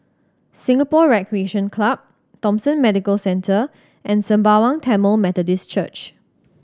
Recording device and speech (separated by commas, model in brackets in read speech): standing microphone (AKG C214), read sentence